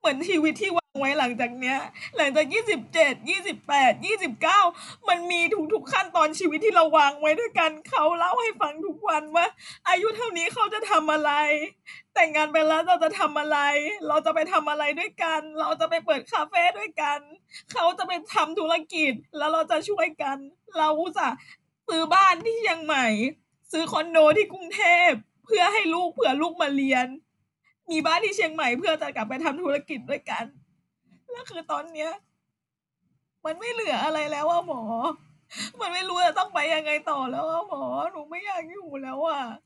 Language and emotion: Thai, sad